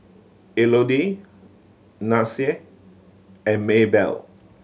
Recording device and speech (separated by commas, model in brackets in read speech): mobile phone (Samsung C7100), read sentence